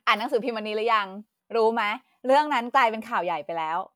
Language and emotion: Thai, happy